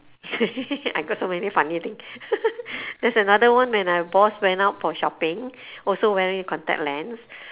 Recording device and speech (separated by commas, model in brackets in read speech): telephone, conversation in separate rooms